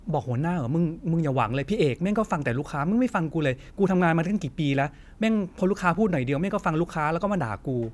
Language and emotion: Thai, frustrated